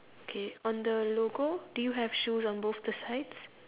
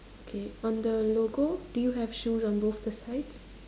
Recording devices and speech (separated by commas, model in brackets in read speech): telephone, standing microphone, conversation in separate rooms